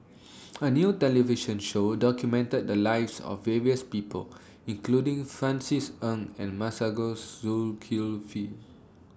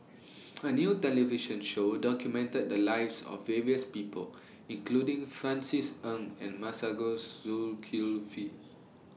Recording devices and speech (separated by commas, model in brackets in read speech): standing microphone (AKG C214), mobile phone (iPhone 6), read sentence